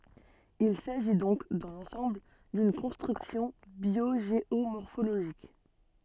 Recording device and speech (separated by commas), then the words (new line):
soft in-ear microphone, read sentence
Il s'agit donc, dans l'ensemble, d'une construction biogéomorphologique.